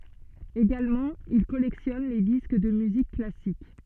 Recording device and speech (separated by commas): soft in-ear microphone, read sentence